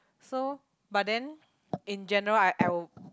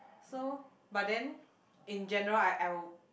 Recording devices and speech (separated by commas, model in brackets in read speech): close-talking microphone, boundary microphone, conversation in the same room